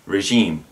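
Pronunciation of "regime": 'Regime' is pronounced the correct way here, with a soft sound.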